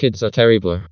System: TTS, vocoder